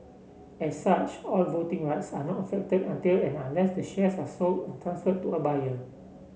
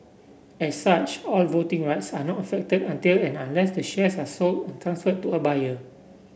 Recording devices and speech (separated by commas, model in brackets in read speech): mobile phone (Samsung C7), boundary microphone (BM630), read sentence